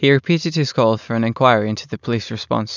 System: none